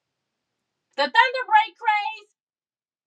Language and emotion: English, angry